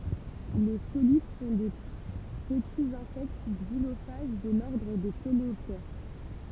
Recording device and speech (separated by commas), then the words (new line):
temple vibration pickup, read sentence
Les scolytes sont de petits insectes xylophages de l'ordre des coléoptères.